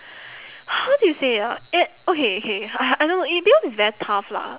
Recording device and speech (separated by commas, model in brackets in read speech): telephone, conversation in separate rooms